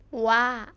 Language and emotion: Thai, neutral